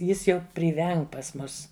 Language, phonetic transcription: Lithuanian, ˈjis ˈjau priˈveng pas ˈmus

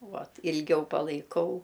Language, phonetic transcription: Lithuanian, ˈvat ilˈgiau palaiˈkau

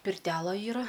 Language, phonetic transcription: Lithuanian, pirˈtela ˈyra

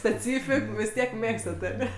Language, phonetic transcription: Lithuanian, speˈcyfik vis ˈtiek ˈmėgstat aˈne

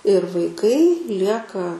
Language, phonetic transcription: Lithuanian, ir vaiˈkai ˈlieka

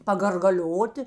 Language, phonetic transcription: Lithuanian, pagargaˈlioti

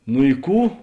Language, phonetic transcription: Lithuanian, nu i ˈkų

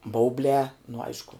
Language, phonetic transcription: Lithuanian, ˈbaublē nu ˈaišku

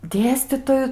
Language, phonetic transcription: Lithuanian, ˈdėstytoju

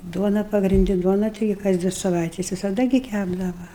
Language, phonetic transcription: Lithuanian, ˈduona pagrinˈdi ˈduona ˈtigi kas ˈdvi saˈvaites visaˈda gi ˈkæpdava

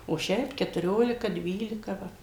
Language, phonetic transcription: Lithuanian, o ˈšiaip ketuˈriolika ˈdvylika ˈva

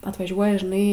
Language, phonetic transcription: Lithuanian, atvaˈžiuoja žiˈnai

